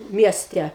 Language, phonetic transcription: Lithuanian, ˈmieste

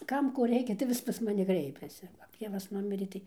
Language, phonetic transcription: Lithuanian, ˈkam ˈko ˈreikia tai ˈvis pas maˈni ˈkreipiasi kap ˈtėvas ˈnumirė ˈtai

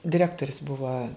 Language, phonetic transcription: Lithuanian, diˈrektorius ˈbuva

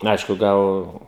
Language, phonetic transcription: Lithuanian, ˈaišku ˈgal

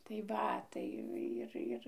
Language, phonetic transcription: Lithuanian, tai ˈva ˈtai ˈir ˈir

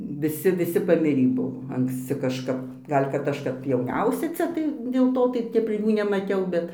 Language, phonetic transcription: Lithuanian, viˈsi viˈsi paˈmirį ˈbuvo anksˈci kažˈkap ˈgal' kad ˈaš kap jauˈniausia ˈcia tai dėl ˈto tai ˈtep ˈjų nemaˈtiau ˈbet

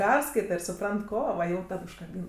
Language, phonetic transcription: Lithuanian, ˈperskaita ir suˈprant ˈko va jau ˈtad užkaˈbyna

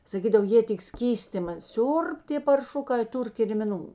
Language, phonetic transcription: Lithuanian, saˈkydav ˈjė tik ˈskystima ˈsiurb tė parˈšukai ˈtur kirmiˈnų

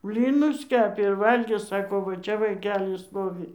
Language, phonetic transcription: Lithuanian, ˈblynus ˈkepė ir ˈvalgė ˈsako ˈva ˈčia vaiˈkeli ˈstovi

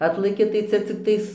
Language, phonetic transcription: Lithuanian, ˈatlaki tai ˈcia cikˈtais

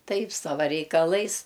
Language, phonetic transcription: Lithuanian, ˈtaip ˈsava reikaˈlais

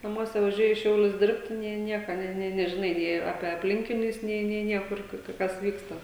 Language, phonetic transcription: Lithuanian, naˈmuose vaˈžiuoji į ˈšiaulius ˈdirbti nė ˈnieka ˈnė nė nežiˈnai nė ˈape apˈlinkinius ˈnė nė ˈniekur ˈkur ka ˈkas ˈvyksta

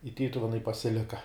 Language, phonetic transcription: Lithuanian, i ˈtytuvenai pasiˈlika

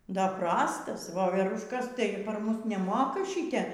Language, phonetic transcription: Lithuanian, ˈdar ˈprastas voverušˈkas ˈtai par ˈmus neˈmoka ˈšite

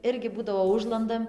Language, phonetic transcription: Lithuanian, ˈirgi ˈbūdavo ˈužlandam

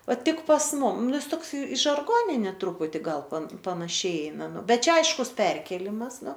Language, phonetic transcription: Lithuanian, ˈva tik pas ˈmum ˈnu ˈjis ˈtoks i žarˈgoninė ˈtruputi ˈgal pan panaˈšiai ˈeina ˈbet ˈčia ˈaiškus ˈperkėlimas ˈnu

